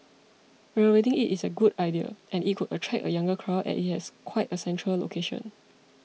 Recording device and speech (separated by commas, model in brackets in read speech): mobile phone (iPhone 6), read sentence